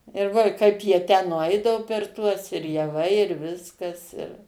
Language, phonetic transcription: Lithuanian, ir ˈvo i ˈkaip jie tę nuˈaidavo per ˈtuos ir jaˈvai ir ˈviskas ir

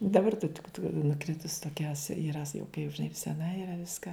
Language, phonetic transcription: Lithuanian, daˈbar ta tik nuˈkritus toˈkia yˈra sa jau kai žiˈnai seˈna yˈra ˈviska

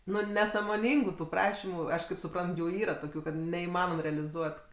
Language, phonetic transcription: Lithuanian, ˈnu nesamoˈnyngu tu ˈprašimu ˈaš kaip suˈprant ˈjų ˈyra ˈtokiu kad neįˈmanom realiˈzuot

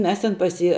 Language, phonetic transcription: Lithuanian, ˈmes tin pas ˈjį

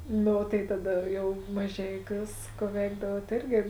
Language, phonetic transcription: Lithuanian, ˈnu o tai taˈda jau maˈžeiˌkiūs ˈku ˈveikdavuot ˈėrgi

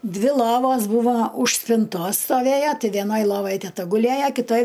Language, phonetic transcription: Lithuanian, ˈdvi ˈlovos ˈbūvo už spinˈtos stoˈvėja ti veˈnoj ˈlovaj teˈta guˈlėja kiˈtoj

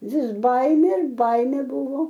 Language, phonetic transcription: Lithuanian, vis ˈbaimė ir ˈbaimė ˈbuvo

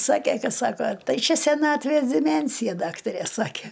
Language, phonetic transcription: Lithuanian, ˈsakė ˈka ˈsako ˈtai ˈčia seˈnatvės diˈmensija ˈdaktarė ˈsakė

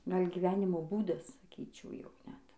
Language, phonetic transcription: Lithuanian, ˈgal' giˈvenimo ˈbūdas saˈkyčiau ˈjau ˈnet

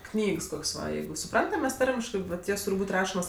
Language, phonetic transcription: Lithuanian, ˈknygs ˈkoks' ˈva ˈjeigu suˈprantam ˈmes ˈtarmiškɜ vat ˈjos ˈtūr' ˈbūt' ˈrašomos

